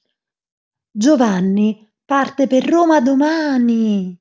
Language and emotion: Italian, surprised